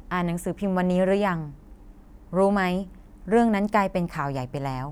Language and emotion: Thai, neutral